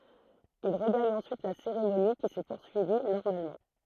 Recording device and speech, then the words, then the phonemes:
throat microphone, read sentence
Il regagne ensuite la cérémonie, qui s'est poursuivie normalement.
il ʁəɡaɲ ɑ̃syit la seʁemoni ki sɛ puʁsyivi nɔʁmalmɑ̃

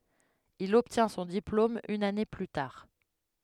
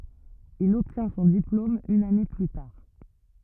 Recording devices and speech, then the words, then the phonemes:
headset microphone, rigid in-ear microphone, read sentence
Il obtient son diplôme une année plus tard.
il ɔbtjɛ̃ sɔ̃ diplom yn ane ply taʁ

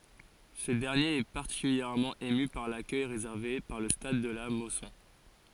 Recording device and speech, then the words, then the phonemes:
forehead accelerometer, read sentence
Ce dernier est particulièrement ému par l'accueil réservé par le stade de la Mosson.
sə dɛʁnjeʁ ɛ paʁtikyljɛʁmɑ̃ emy paʁ lakœj ʁezɛʁve paʁ lə stad də la mɔsɔ̃

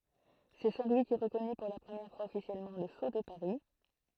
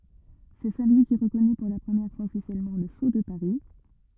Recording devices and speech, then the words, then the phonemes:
throat microphone, rigid in-ear microphone, read sentence
C'est Saint Louis qui reconnut pour la première fois officiellement le sceau de Paris.
sɛ sɛ̃ lwi ki ʁəkɔny puʁ la pʁəmjɛʁ fwaz ɔfisjɛlmɑ̃ lə so də paʁi

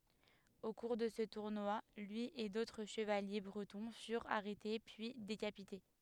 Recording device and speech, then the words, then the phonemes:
headset microphone, read sentence
Au cours de ce tournoi lui et d'autres chevaliers bretons furent arrêtés puis décapités.
o kuʁ də sə tuʁnwa lyi e dotʁ ʃəvalje bʁətɔ̃ fyʁt aʁɛte pyi dekapite

